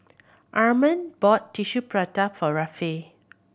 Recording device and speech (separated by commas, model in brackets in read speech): boundary microphone (BM630), read sentence